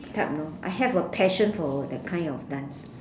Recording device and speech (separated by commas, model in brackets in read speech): standing microphone, conversation in separate rooms